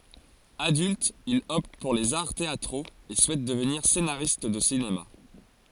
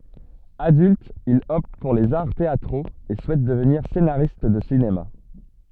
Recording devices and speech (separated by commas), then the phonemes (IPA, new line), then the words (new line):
forehead accelerometer, soft in-ear microphone, read sentence
adylt il ɔpt puʁ lez aʁ teatʁoz e suɛt dəvniʁ senaʁist də sinema
Adulte, il opte pour les arts théâtraux et souhaite devenir scénariste de cinéma.